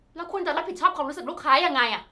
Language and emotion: Thai, angry